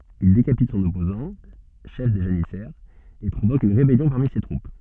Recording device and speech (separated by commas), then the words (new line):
soft in-ear microphone, read sentence
Il décapite son opposant, chef des janissaires, et provoque une rébellion parmi ses troupes.